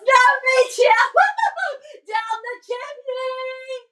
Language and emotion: English, happy